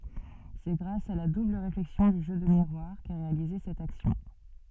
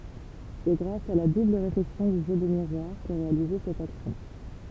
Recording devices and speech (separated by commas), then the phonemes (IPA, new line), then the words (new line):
soft in-ear microphone, temple vibration pickup, read sentence
sɛ ɡʁas a la dubl ʁeflɛksjɔ̃ dy ʒø də miʁwaʁ kɛ ʁealize sɛt aksjɔ̃
C'est grâce à la double réflexion du jeu de miroir qu'est réalisée cette action.